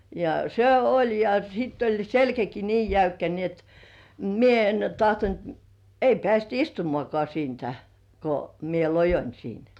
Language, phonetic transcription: Finnish, ja 'se "oĺ ja sitt ‿oĺ "selkäki nii 'jäykkä ni ‿et "mie en 'tahtont , ei pĕä̀§st "istumŏ§àkoà 'siintä , ko mie "lojoń 'siin .
- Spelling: ja se oli ja sitten oli selkäkin niin jäykkä niin että minä en tahtonut ei päästä istumaankaan siitä kun minä loioin siinä

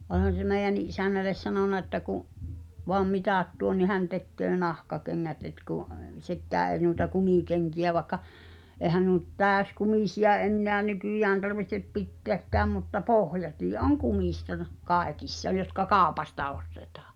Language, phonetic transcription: Finnish, o(l)han̬ se 'mèi̬j̆jänni’ '’isännäl̆les sanona että ku’ , voam "mitàt tuon ni 'hän tekköö "nahkakeŋŋät et kù’ , "sekkää èi̬ nuita "kumìkeŋki₍ä vaĕkka , 'èhän nuo nʸt "tääskumìsi₍a 'enneä "nykỳjään tarvihtep "pitteäkkääm mutta 'pohjatii "’oŋ 'kumìsta (r-) , 'kaekissa jotka "kaopasta ostetᴀᴀ .
- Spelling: olihan se meidänkin isännälle sanonut että kun vain mitat tuo niin hän tekee nahkakengät että kun sekään ei noita kumikenkiä vaikka eihän nuo nyt täyskumisia enää nykyään tarvitse pitääkään mutta pohjatkin on kumista - kaikissa jotka kaupasta ostetaan

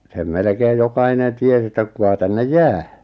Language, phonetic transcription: Finnish, sem 'melᵉkeej 'jokainen 'ties ‿että 'kuka tännej "jää .
- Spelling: sen melkein jokainen tiesi että kuka tänne jää

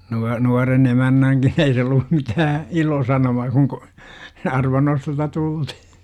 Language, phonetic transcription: Finnish, nua- , nuaren 'emännäŋkin 'ei se ollu , 'mitää , "ilosanomaa kuŋ k°- , 'arvannostosta 'tultih - .
- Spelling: - nuoren emännänkin ei se ollut mitään ilosanomaa kun - arvannostosta tultiin

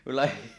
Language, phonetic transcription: Finnish, 'mulla ,.
- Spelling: minulla

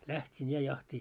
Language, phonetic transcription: Finnish, 'läht́in ja jahti .
- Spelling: lähdin ja jahtiin

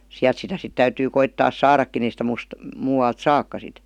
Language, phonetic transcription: Finnish, siäˡt sitä sit 'täytyy 'koittaas "saarakkin ‿ei sⁱtä "muus- , 'muuwalt "sakka sit .
- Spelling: sieltä sitä sitten täytyy koittaa saadakin ei sitä - muualta saakaan sitten

